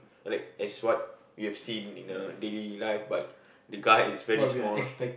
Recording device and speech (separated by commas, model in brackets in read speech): boundary microphone, conversation in the same room